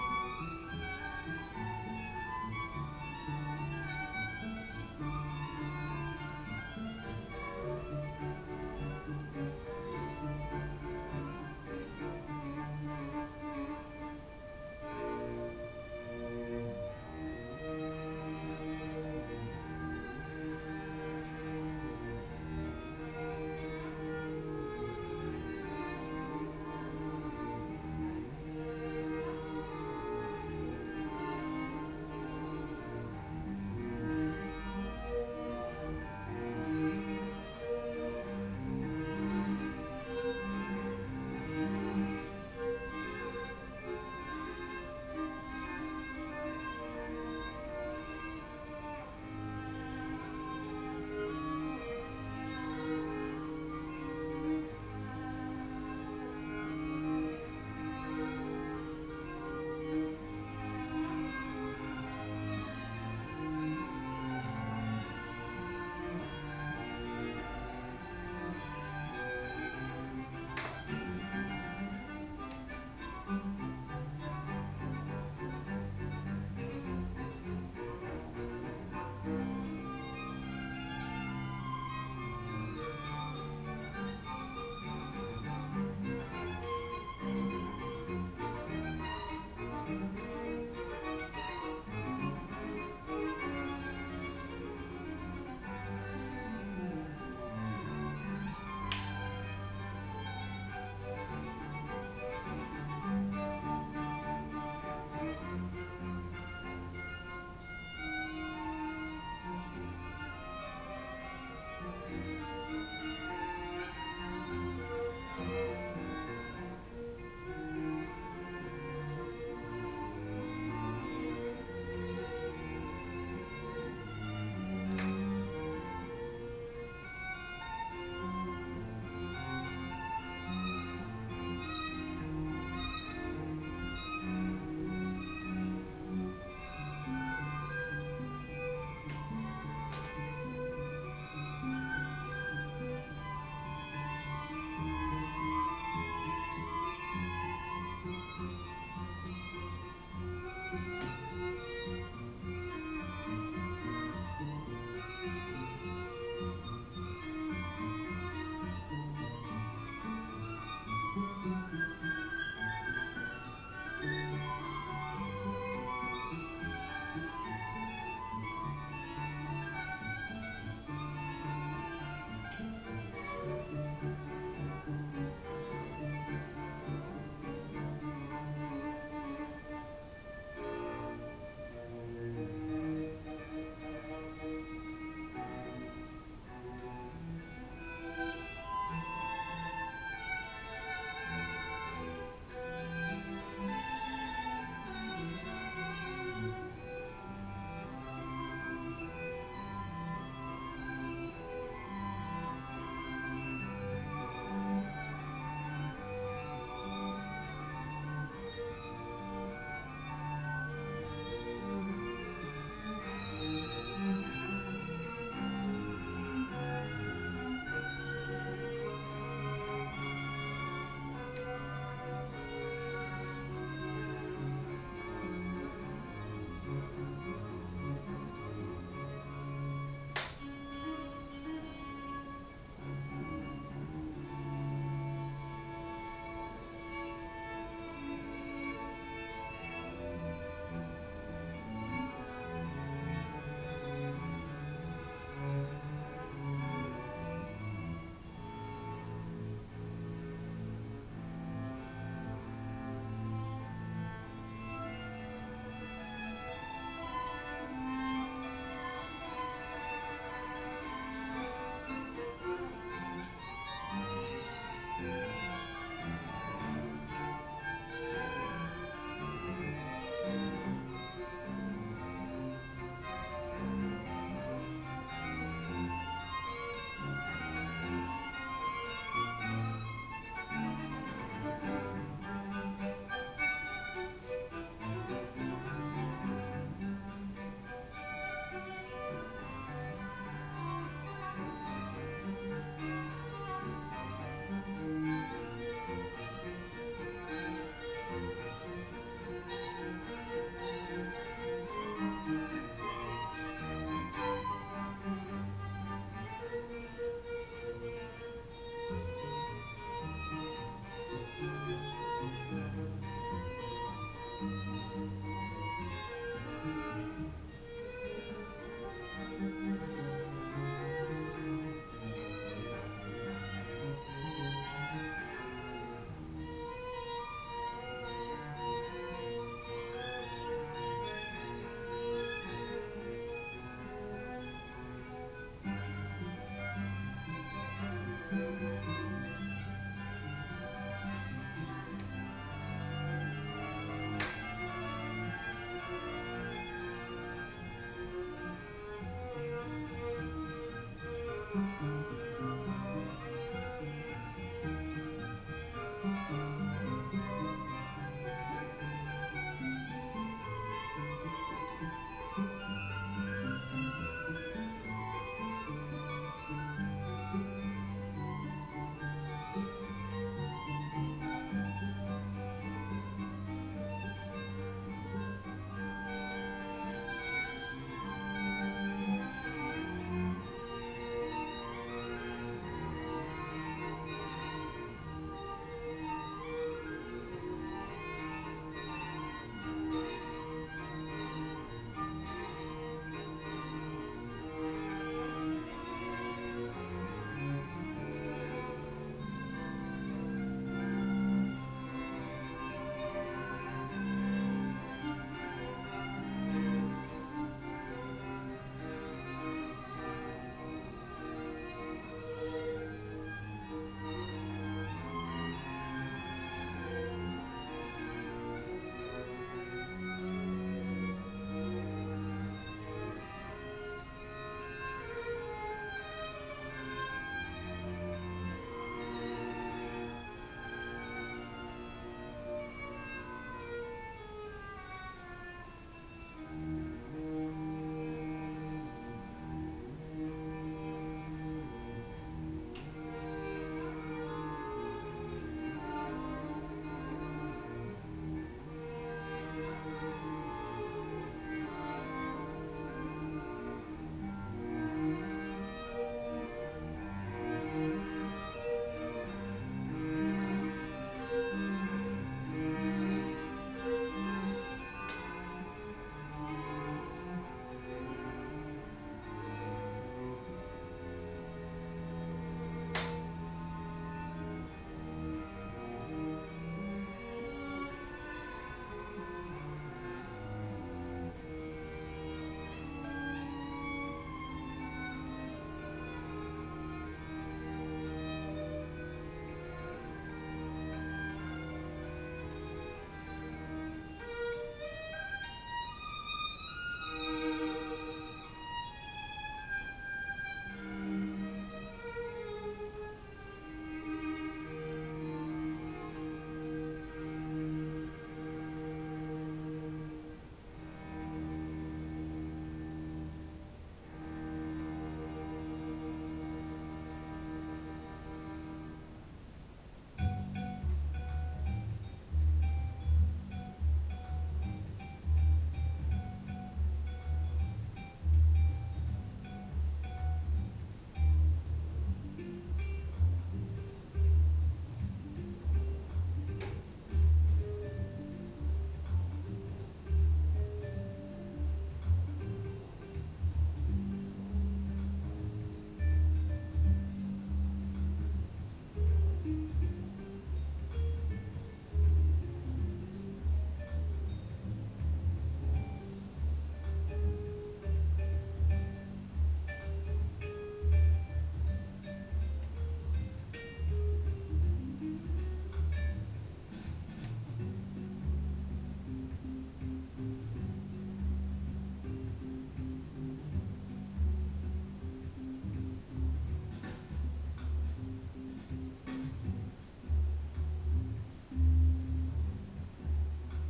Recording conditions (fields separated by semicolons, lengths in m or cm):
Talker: no one; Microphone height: 1.8 m; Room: small (3.7 m by 2.7 m); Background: music